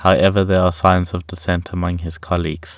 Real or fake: real